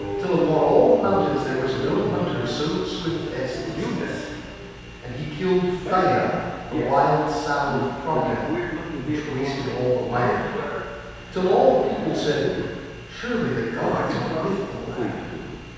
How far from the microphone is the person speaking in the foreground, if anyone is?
7.1 m.